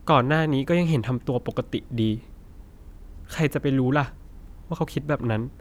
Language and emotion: Thai, sad